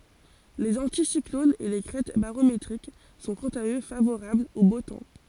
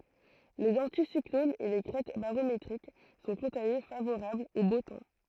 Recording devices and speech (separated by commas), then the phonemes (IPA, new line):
forehead accelerometer, throat microphone, read sentence
lez ɑ̃tisiklonz e le kʁɛt baʁometʁik sɔ̃ kɑ̃t a ø favoʁablz o bo tɑ̃